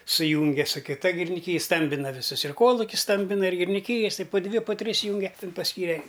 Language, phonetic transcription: Lithuanian, suˈjūnge su kiˈta giriniˈkyj ˈstambina viˈsus ir ˈkolukius ˈstambina ir giriniˈkyjas tai pu ˈdvi pu ˈtris ˈjūnge ˈtin pasˈkyre

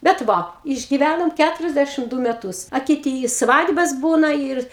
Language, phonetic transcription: Lithuanian, bet ˈva išgiˈvænom ˈkæturiasdæšim ˈdū meˈtus a kiˈty i ˈsvadbas ˈbūna ir

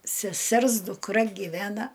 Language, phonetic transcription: Lithuanian, seˈsers dukˈra giˈvena

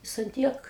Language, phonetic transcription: Lithuanian, ˈjis an ˈtiek

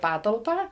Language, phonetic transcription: Lithuanian, ˈpatalpą

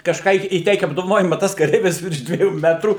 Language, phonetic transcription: Lithuanian, kažˈką į įˈteikia apdovaˈnojima ˈtas kaˈreivis virš dvieˈjų ˈmetrų

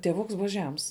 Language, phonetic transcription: Lithuanian, tieˈvuks ˈbuva ˈžems

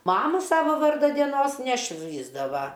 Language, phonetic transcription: Lithuanian, ˈmamu ˈsava ˈvarda dieˈnos neˈšvįsdava

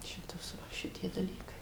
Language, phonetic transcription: Lithuanian, ˈšitos ˈva ˈšitie daˈlykai

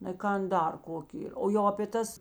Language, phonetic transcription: Lithuanian, nai ˈkan ˈdar ˈkoki o jau apė ˈtas

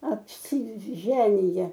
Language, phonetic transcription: Lithuanian, apsiˈženija

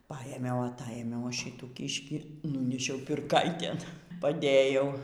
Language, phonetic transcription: Lithuanian, paˈėmiau aˈtaėmiau ˈaš šytų ˈkyškį ˈnūnešiau pirˈkaitėn paˈdėjau

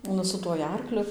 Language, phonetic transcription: Lithuanian, ˈnu su tuoj ˈarkliu

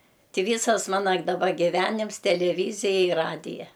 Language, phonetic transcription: Lithuanian, ˈtį ˈvysas ˈmana daˈba giˈvenims teleˈvyzija i ˈradija

